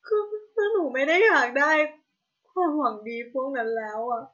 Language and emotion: Thai, sad